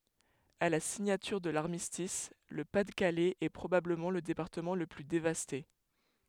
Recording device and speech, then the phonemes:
headset microphone, read sentence
a la siɲatyʁ də laʁmistis lə pa də kalɛz ɛ pʁobabləmɑ̃ lə depaʁtəmɑ̃ lə ply devaste

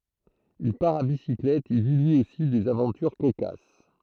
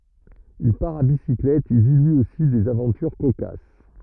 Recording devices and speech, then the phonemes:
throat microphone, rigid in-ear microphone, read sentence
il paʁ a bisiklɛt e vi lyi osi dez avɑ̃tyʁ kokas

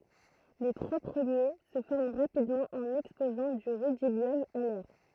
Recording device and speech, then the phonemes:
throat microphone, read sentence
le tʁwa pʁəmje sə fɔʁm ʁapidmɑ̃ ɑ̃n ɛkspozɑ̃ dy ʁydibjɔm a lɛʁ

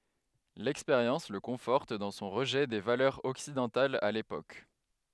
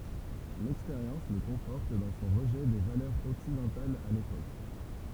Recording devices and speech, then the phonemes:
headset microphone, temple vibration pickup, read sentence
lɛkspeʁjɑ̃s lə kɔ̃fɔʁt dɑ̃ sɔ̃ ʁəʒɛ de valœʁz ɔksidɑ̃talz a lepok

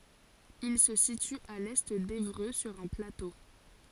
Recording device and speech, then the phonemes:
forehead accelerometer, read sentence
il sə sity a lɛ devʁø syʁ œ̃ plato

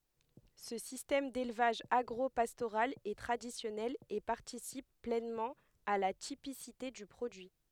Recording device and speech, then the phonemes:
headset microphone, read sentence
sə sistɛm delvaʒ aɡʁopastoʁal ɛ tʁadisjɔnɛl e paʁtisip plɛnmɑ̃ a la tipisite dy pʁodyi

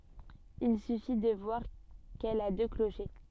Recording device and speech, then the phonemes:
soft in-ear microphone, read sentence
il syfi də vwaʁ kɛl a dø kloʃe

